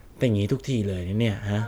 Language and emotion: Thai, frustrated